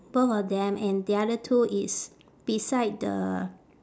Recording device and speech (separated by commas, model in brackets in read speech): standing microphone, conversation in separate rooms